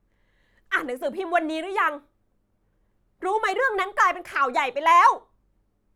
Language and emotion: Thai, angry